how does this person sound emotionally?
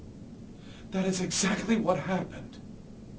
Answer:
fearful